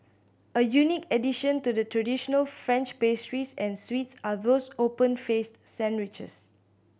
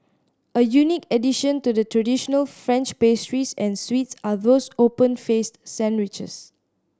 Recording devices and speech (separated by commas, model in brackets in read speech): boundary microphone (BM630), standing microphone (AKG C214), read sentence